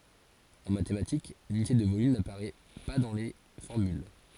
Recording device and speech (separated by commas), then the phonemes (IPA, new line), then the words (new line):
forehead accelerometer, read sentence
ɑ̃ matematik lynite də volym napaʁɛ pa dɑ̃ le fɔʁmyl
En mathématiques, l'unité de volume n'apparaît pas dans les formules.